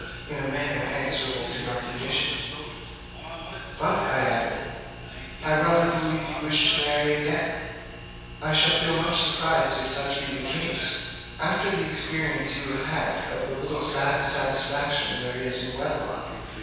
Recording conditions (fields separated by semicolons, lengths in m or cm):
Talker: one person; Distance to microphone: 7.1 m; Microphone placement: far; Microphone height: 1.7 m; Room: very reverberant, large; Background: television